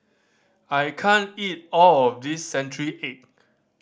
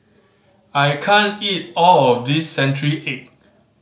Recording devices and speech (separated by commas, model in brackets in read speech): standing microphone (AKG C214), mobile phone (Samsung C5010), read sentence